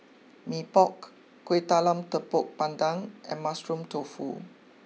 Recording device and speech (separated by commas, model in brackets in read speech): mobile phone (iPhone 6), read sentence